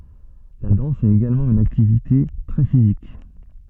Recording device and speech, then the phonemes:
soft in-ear microphone, read sentence
la dɑ̃s ɛt eɡalmɑ̃ yn aktivite tʁɛ fizik

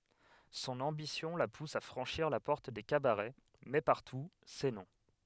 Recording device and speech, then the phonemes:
headset microphone, read sentence
sɔ̃n ɑ̃bisjɔ̃ la pus a fʁɑ̃ʃiʁ la pɔʁt de kabaʁɛ mɛ paʁtu sɛ nɔ̃

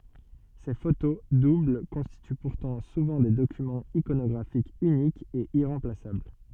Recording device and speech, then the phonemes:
soft in-ear microphone, read sentence
se foto dubl kɔ̃stity puʁtɑ̃ suvɑ̃ de dokymɑ̃z ikonɔɡʁafikz ynikz e iʁɑ̃plasabl

